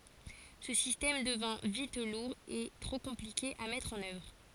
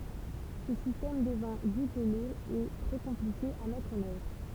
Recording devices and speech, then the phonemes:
forehead accelerometer, temple vibration pickup, read sentence
sə sistɛm dəvɛ̃ vit luʁ e tʁo kɔ̃plike a mɛtʁ ɑ̃n œvʁ

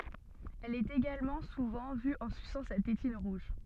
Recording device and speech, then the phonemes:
soft in-ear microphone, read sentence
ɛl ɛt eɡalmɑ̃ suvɑ̃ vy ɑ̃ sysɑ̃ sa tetin ʁuʒ

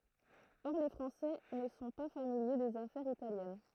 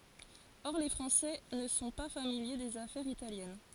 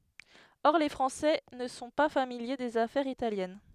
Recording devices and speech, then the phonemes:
throat microphone, forehead accelerometer, headset microphone, read sentence
ɔʁ le fʁɑ̃sɛ nə sɔ̃ pa familje dez afɛʁz italjɛn

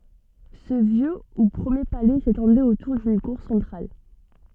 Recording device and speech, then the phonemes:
soft in-ear microphone, read sentence
sə vjø u pʁəmje palɛ setɑ̃dɛt otuʁ dyn kuʁ sɑ̃tʁal

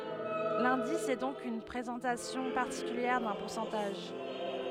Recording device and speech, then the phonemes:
headset microphone, read sentence
lɛ̃dis ɛ dɔ̃k yn pʁezɑ̃tasjɔ̃ paʁtikyljɛʁ dœ̃ puʁsɑ̃taʒ

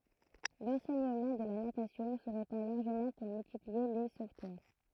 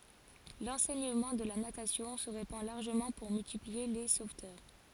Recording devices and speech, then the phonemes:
throat microphone, forehead accelerometer, read sentence
lɑ̃sɛɲəmɑ̃ də la natasjɔ̃ sə ʁepɑ̃ laʁʒəmɑ̃ puʁ myltiplie le sovtœʁ

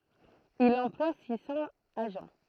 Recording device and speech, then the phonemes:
throat microphone, read sentence
il ɑ̃plwa si sɑ̃z aʒɑ̃

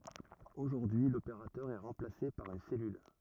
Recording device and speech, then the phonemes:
rigid in-ear microphone, read sentence
oʒuʁdyi y lopeʁatœʁ ɛ ʁɑ̃plase paʁ yn sɛlyl

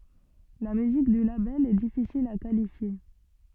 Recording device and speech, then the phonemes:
soft in-ear microphone, read sentence
la myzik dy labɛl ɛ difisil a kalifje

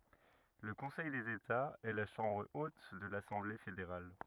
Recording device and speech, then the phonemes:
rigid in-ear microphone, read sentence
lə kɔ̃sɛj dez etaz ɛ la ʃɑ̃bʁ ot də lasɑ̃ble fedeʁal

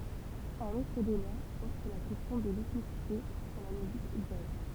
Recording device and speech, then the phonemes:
temple vibration pickup, read sentence
œ̃n otʁ deba pɔʁt syʁ la kɛstjɔ̃ də lɛtnisite dɑ̃ la myzik dʒaz

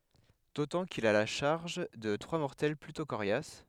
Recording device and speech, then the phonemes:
headset microphone, read sentence
dotɑ̃ kil a la ʃaʁʒ də tʁwa mɔʁtɛl plytɔ̃ koʁjas

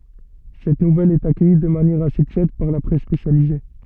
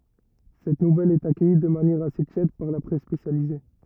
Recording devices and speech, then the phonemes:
soft in-ear microphone, rigid in-ear microphone, read sentence
sɛt nuvɛl ɛt akœji də manjɛʁ ase tjɛd paʁ la pʁɛs spesjalize

